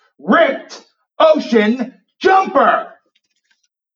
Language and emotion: English, angry